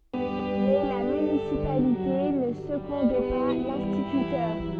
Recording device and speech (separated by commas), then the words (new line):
soft in-ear microphone, read sentence
Mais la municipalité ne secondait pas l'instituteur.